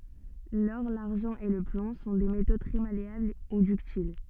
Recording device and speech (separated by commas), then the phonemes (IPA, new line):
soft in-ear microphone, read sentence
lɔʁ laʁʒɑ̃ e lə plɔ̃ sɔ̃ de meto tʁɛ maleabl u dyktil